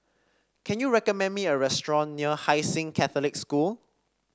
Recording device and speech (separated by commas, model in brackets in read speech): standing microphone (AKG C214), read sentence